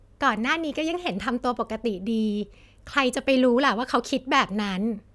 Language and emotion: Thai, happy